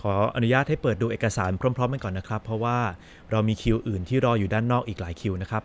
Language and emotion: Thai, neutral